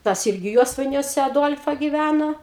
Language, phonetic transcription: Lithuanian, ˈtas ˈirgi ˈjuosvainiuose aˈduol'fa giˈvæno

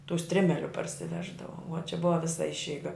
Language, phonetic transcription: Lithuanian, tų ˈstrimeliu parsiˈveždavo vo čia ˈbuva ˈvisa ˈišeiga

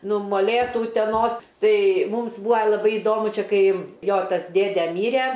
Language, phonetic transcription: Lithuanian, ˈnu moˈlėtų uteˈnos ˈtai ˈmūms ˈbūa laˈbai iˈdomu ˈčia ˈkai ˈjo ˈtas ˈdėde ˈmyre

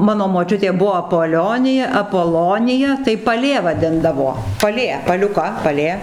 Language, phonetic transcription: Lithuanian, ˈmano moˈčiutė ˈbuvo apoˈlionija apoˈlonija tai paˈlė vaˈdindavo paˈlė paliuˈka paˈlė

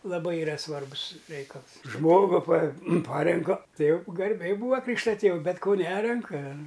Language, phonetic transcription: Lithuanian, laˈbai iˈra ˈsvarbus ˈreikals ˈžmogu pa ˈparenka tai jau garˈbiai ˈbūa ˈkrykšta ˈtėv ˈbet ko ˈnerenka

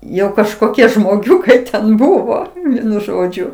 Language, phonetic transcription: Lithuanian, ˈjau kažkoˈkie žmoˈgiukai ten ˈbuvo ˈvienu ˈžodžiu

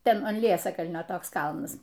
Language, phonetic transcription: Lithuanian, ˈten an ˈliesakalnio ˈtoks ˈkalnas

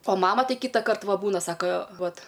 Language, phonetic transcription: Lithuanian, o ˈmama ˈtai ˈkytakart ˈva ˈbūna ˈsaka ˈvat

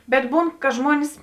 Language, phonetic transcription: Lithuanian, bet ˈbūn ka ˈžmuonis

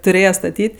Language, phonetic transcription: Lithuanian, tuˈrėje staˈtyt'

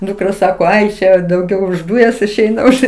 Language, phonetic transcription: Lithuanian, dukˈra ˈsako ˈai ˈše dauˈgiau už ˈdūjas išˈeina ˈuž

